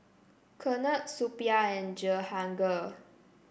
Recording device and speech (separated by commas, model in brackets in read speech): boundary microphone (BM630), read sentence